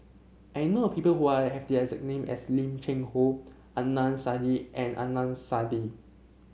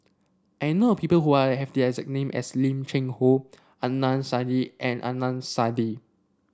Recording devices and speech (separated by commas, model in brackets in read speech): mobile phone (Samsung C7), standing microphone (AKG C214), read sentence